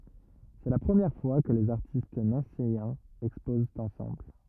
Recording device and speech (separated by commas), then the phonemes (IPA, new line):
rigid in-ear microphone, read sentence
sɛ la pʁəmjɛʁ fwa kə lez aʁtist nɑ̃sejɛ̃z ɛkspozt ɑ̃sɑ̃bl